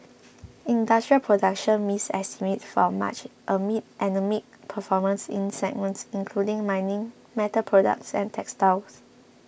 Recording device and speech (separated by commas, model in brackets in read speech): boundary microphone (BM630), read sentence